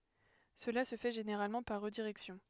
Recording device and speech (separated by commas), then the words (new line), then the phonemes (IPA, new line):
headset microphone, read sentence
Cela se fait généralement par redirection.
səla sə fɛ ʒeneʁalmɑ̃ paʁ ʁədiʁɛksjɔ̃